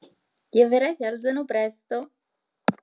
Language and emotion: Italian, happy